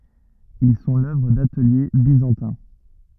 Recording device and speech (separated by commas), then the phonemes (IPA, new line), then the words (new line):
rigid in-ear microphone, read sentence
il sɔ̃ lœvʁ datəlje bizɑ̃tɛ̃
Ils sont l'œuvre d'ateliers byzantins.